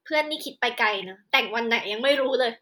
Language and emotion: Thai, sad